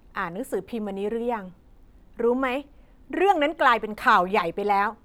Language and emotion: Thai, angry